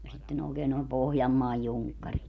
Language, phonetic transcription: Finnish, ja sitten ookeen nòem 'Pohjammaaj 'juŋkkarit .
- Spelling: ja sitten oikein noin Pohjanmaan junkkarit

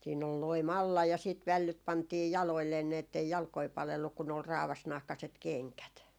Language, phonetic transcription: Finnish, siin ‿ol "loi'm ‿alla ja siit "vällyt 'pantii "jaloilleen ni ettei 'jalkoi 'palelluk kun ‿ol 'raavasnahkaset "keŋkät .
- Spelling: siinä oli loimi alla ja sitten vällyt pantiin jaloilleen niin että ei jalkoja palellut kun oli raavasnahkaiset kengät

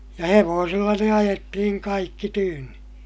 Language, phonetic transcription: Finnish, ja hevoosilla ne ajettihiŋ kaikki tyynni .
- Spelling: ja hevosilla ne ajettiin kaikki tyynni

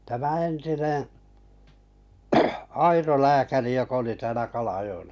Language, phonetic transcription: Finnish, tämä 'entineḛ , 'Airo lääkäri jok- oli täälä 'Kalajo₍ella .
- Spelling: tämä entinen Airo lääkäri joka oli täällä Kalajoella

